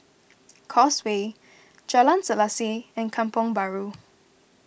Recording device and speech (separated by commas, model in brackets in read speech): boundary microphone (BM630), read sentence